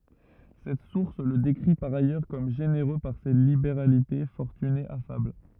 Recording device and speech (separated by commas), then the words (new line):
rigid in-ear microphone, read sentence
Cette source le décrit par ailleurs comme généreux par ses libéralités, fortuné, affable.